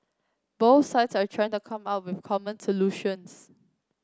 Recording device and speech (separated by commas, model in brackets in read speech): close-talking microphone (WH30), read sentence